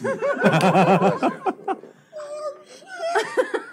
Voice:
high-pitched